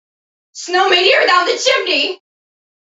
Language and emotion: English, fearful